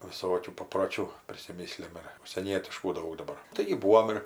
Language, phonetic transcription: Lithuanian, viˈsokių paproˈčių prisiˈmisliam ir užsieˈnietiškų ˈdaug daˈbar ˈtaigi ˈbūom ir

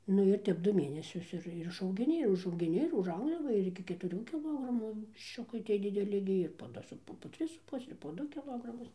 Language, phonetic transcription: Lithuanian, ˈnu ir ˈtep ˈdu ˈmėnesius ˈir ir išaugiˈni ir užaugiˈni ir užˈaugdava ir ˌiki ketuˈrių kiˈlogramų višˈčiukai ˈtie diˈdeli gi ir po ˈdu su ˈpu po ˈtris su ˈpuse ir po ˈdu kiˈlogramus

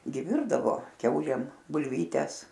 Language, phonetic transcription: Lithuanian, gi ˈvirdavo ˈkiaulėm bulˈvytes

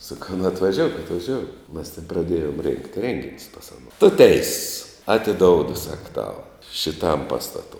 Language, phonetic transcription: Lithuanian, saˈkau nu atvaˈžiouk atvaˈžiouk mas ten praˈdėjom rėngt ˈrėnginius pas aˈno tu ˈteiss atiˈdoudu sak tau šiˈtam ˈpastato

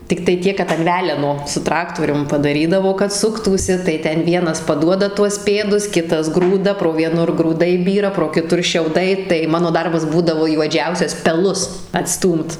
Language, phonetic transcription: Lithuanian, tikˈtai ˈtiek kad an ˈveleno su ˈtraktorium padaˈrydavo kad ˈsuktųsi tai ˈten ˈvienas paˈduoda tuos ˈpėdus ˈkitas ˈgrūda pro vieˈnur grūˈdai ˈbyra pro kiˈtur šiauˈdai tai ˈmano ˈdarbas ˈbūdavo juoˈdžiausias peˈlus atˈstūmt

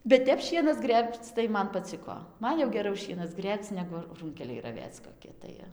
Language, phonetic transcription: Lithuanian, bet ˈtep ˈšienas ˈgrėbc tai ˈman paˈciko ˈman jau geˈrau ˈšienas ˈgrėbc ˈnegu ˈrūnkeliai raˈvėc koˈki tai

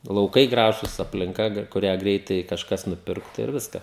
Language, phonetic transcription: Lithuanian, lauˈkai ˈgražus aplinˈka ˈgra kuˈrią ˈgreitai kažˈkas nuˈpirktu ir ˈviska

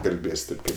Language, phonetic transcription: Lithuanian, kalˈbės' ˈtėp ˈkaip

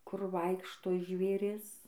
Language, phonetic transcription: Lithuanian, kur ˈvaikšto žvėˈris

